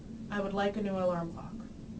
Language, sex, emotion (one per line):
English
female
neutral